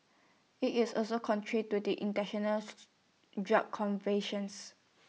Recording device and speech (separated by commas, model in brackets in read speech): mobile phone (iPhone 6), read sentence